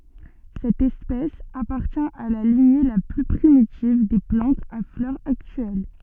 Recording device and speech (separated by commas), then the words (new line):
soft in-ear microphone, read sentence
Cette espèce appartient à la lignée la plus primitive des plantes à fleurs actuelles.